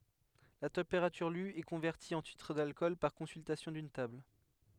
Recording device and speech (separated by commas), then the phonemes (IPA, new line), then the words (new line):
headset microphone, read sentence
la tɑ̃peʁatyʁ ly ɛ kɔ̃vɛʁti ɑ̃ titʁ dalkɔl paʁ kɔ̃syltasjɔ̃ dyn tabl
La température lue est convertie en titre d’alcool par consultation d’une table.